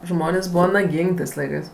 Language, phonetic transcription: Lithuanian, ˈžmonės' ˈbūva naˈgyng' ˈtɜs ˈlaikɜs

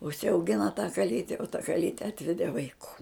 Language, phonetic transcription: Lithuanian, užsiauˈgina tą kaˈlyte o ta kaˈlyte ˈatvedė vaiˈkų

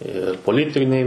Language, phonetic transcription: Lithuanian, ir poˈlitiniai

